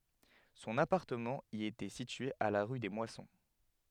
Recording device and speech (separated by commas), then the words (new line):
headset microphone, read sentence
Son appartement y était situé à la rue des Moissons.